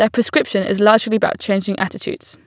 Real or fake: real